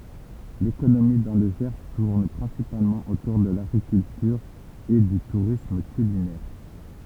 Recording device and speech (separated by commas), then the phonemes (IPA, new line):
temple vibration pickup, read sentence
lekonomi dɑ̃ lə ʒɛʁ tuʁn pʁɛ̃sipalmɑ̃ otuʁ də laɡʁikyltyʁ e dy tuʁism kylinɛʁ